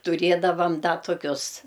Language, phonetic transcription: Lithuanian, tuˈrėdavam ˈda toˈkius

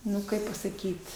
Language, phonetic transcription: Lithuanian, ˈnu ˈkaip pasaˈkyt

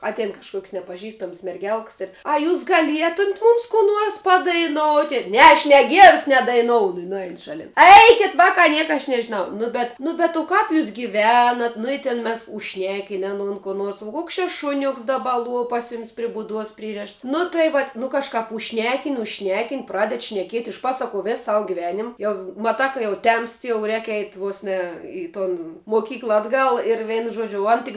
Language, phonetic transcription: Lithuanian, ˈatein kažˈkuok's' nepaˈžistams merˈgelks ir a ˈjūs gaˈlietumt ˈmums kų ˈnuors padaiˈnoti ˈne aš ne ˈgierus nedaiˈnounu i nuˈein šaˈlin ˈeikit vakā ˈnieka aš nežiˈnau ˈnu bet ˈnu bet o ˈkap jūs giˈvenat nu i ˈtin ˈmes užšˈnekin' aˈnon kuo ˈnuors vo ˈkuoks čia ˈšuniuks daˈba ˈluo ˈpas ˈjumis ˈprie buˈduos ˈprirėšts nu tai vat' nu kažˈkap užˈšnekin' užˈšnekin' ˈpraded šneˈkiet' išˈpasakuo ˈvės ˈsavu ˈgivenim ˈjau maˈtā ka jau ˈtemst jau ˈrēk eit' ˈvos ˈne i ton moˈkykla atˈgal ir ˈveinu ˈžuodžiu o ˈan tik

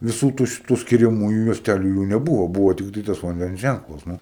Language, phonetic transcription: Lithuanian, viˈsų ˈtų ˈšitu skiriaˈmųju juosˈtæliu jų neˈbuvo ˈbūvo ˈtiktai tas vanˈdens ˈžænklas nu

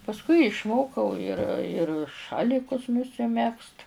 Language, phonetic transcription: Lithuanian, pasˈkui išˈmokau ir ir ˈšalikus nusiˈmegzt

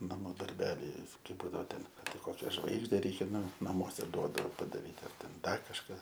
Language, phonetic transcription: Lithuanian, naˈmų darˈbeliai kai ˈbūdavo ˈten ar ˈtai ˈkokia ˈžvaigžde ˈreikia ˈnu naˈmuose ˈduodao padaˈryt ar ˈten ˈdar kažˈką

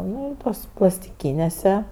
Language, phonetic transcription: Lithuanian, ˈnu i ˈtuos plastiˈkynėse

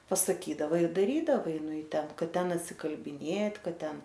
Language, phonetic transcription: Lithuanian, pasaˈkydava ir daˈrydavai nu i ˈten ˈkad ˈten atsikalbiˈnėt' ˈkad ˈten

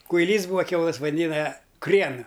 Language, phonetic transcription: Lithuanian, kuiˈlys ˈbūa ˈkiaulɘs vaˈdina ˈkriena

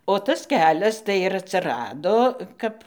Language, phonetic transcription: Lithuanian, o ˈtas ˈkelias tai ir atsiˈrado ˈkap

